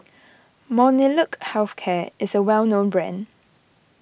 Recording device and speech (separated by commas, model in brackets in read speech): boundary microphone (BM630), read sentence